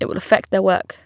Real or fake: real